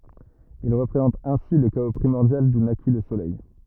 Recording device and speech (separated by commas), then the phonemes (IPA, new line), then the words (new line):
rigid in-ear microphone, read sentence
il ʁəpʁezɑ̃tt ɛ̃si lə kao pʁimɔʁdjal du naki lə solɛj
Ils représentent ainsi le chaos primordial d'où naquit le soleil.